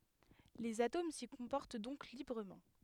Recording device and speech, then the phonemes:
headset microphone, read sentence
lez atom si kɔ̃pɔʁt dɔ̃k libʁəmɑ̃

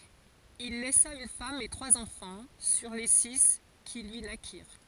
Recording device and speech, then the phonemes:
forehead accelerometer, read sentence
il lɛsa yn fam e tʁwaz ɑ̃fɑ̃ syʁ le si ki lyi nakiʁ

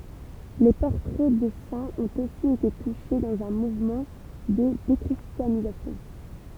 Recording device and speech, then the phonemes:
temple vibration pickup, read sentence
le pɔʁtʁɛ də sɛ̃z ɔ̃t osi ete tuʃe dɑ̃z œ̃ muvmɑ̃ də dekʁistjanizasjɔ̃

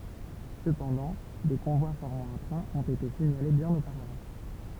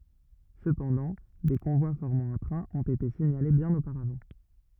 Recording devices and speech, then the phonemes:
temple vibration pickup, rigid in-ear microphone, read sentence
səpɑ̃dɑ̃ de kɔ̃vwa fɔʁmɑ̃ œ̃ tʁɛ̃ ɔ̃t ete siɲale bjɛ̃n opaʁavɑ̃

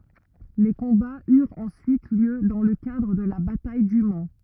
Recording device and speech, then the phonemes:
rigid in-ear microphone, read sentence
le kɔ̃baz yʁt ɑ̃syit ljø dɑ̃ lə kadʁ də la bataj dy man

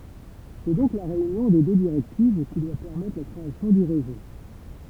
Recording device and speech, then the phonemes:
temple vibration pickup, read sentence
sɛ dɔ̃k la ʁeynjɔ̃ de dø diʁɛktiv ki dwa pɛʁmɛtʁ la kʁeasjɔ̃ dy ʁezo

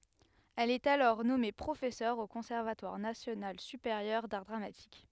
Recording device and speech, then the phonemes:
headset microphone, read sentence
ɛl ɛt alɔʁ nɔme pʁofɛsœʁ o kɔ̃sɛʁvatwaʁ nasjonal sypeʁjœʁ daʁ dʁamatik

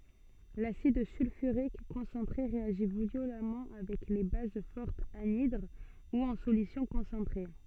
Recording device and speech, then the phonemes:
soft in-ear microphone, read sentence
lasid sylfyʁik kɔ̃sɑ̃tʁe ʁeaʒi vjolamɑ̃ avɛk le baz fɔʁtz anidʁ u ɑ̃ solysjɔ̃ kɔ̃sɑ̃tʁe

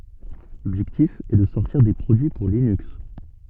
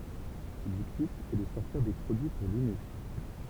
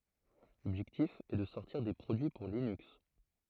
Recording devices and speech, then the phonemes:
soft in-ear microphone, temple vibration pickup, throat microphone, read sentence
lɔbʒɛktif ɛ də sɔʁtiʁ de pʁodyi puʁ linyks

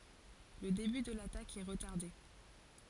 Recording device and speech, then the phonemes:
forehead accelerometer, read sentence
lə deby də latak ɛ ʁətaʁde

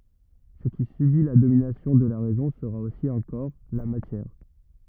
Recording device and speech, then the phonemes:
rigid in-ear microphone, read sentence
sə ki sybi la dominasjɔ̃ də la ʁɛzɔ̃ səʁa osi œ̃ kɔʁ la matjɛʁ

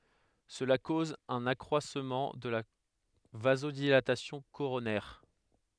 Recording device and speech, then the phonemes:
headset microphone, read sentence
səla koz œ̃n akʁwasmɑ̃ də la vazodilatasjɔ̃ koʁonɛʁ

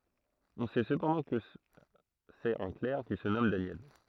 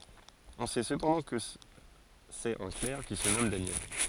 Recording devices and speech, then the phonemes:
throat microphone, forehead accelerometer, read sentence
ɔ̃ sɛ səpɑ̃dɑ̃ kə sɛt œ̃ klɛʁ ki sə nɔm danjɛl

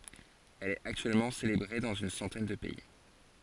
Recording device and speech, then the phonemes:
forehead accelerometer, read sentence
ɛl ɛt aktyɛlmɑ̃ selebʁe dɑ̃z yn sɑ̃tɛn də pɛi

